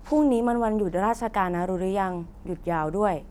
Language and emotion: Thai, neutral